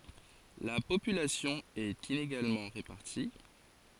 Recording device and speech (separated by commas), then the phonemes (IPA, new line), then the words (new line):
forehead accelerometer, read sentence
la popylasjɔ̃ ɛt ineɡalmɑ̃ ʁepaʁti
La population est inégalement répartie.